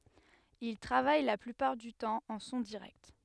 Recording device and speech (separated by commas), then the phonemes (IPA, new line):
headset microphone, read sentence
il tʁavaj la plypaʁ dy tɑ̃ ɑ̃ sɔ̃ diʁɛkt